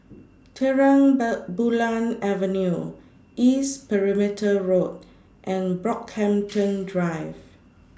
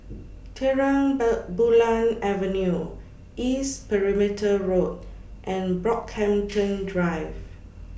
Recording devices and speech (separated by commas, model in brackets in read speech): standing microphone (AKG C214), boundary microphone (BM630), read sentence